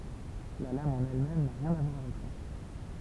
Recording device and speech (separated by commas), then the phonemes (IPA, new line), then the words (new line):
temple vibration pickup, read sentence
la lam ɑ̃n ɛl mɛm na ʁjɛ̃n a vwaʁ avɛk sa
La lame en elle-même n'a rien à voir avec ça.